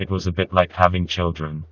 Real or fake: fake